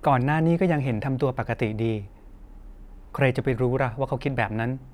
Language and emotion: Thai, neutral